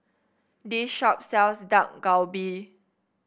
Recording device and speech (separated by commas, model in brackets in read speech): boundary microphone (BM630), read sentence